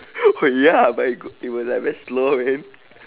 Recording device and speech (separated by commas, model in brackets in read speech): telephone, conversation in separate rooms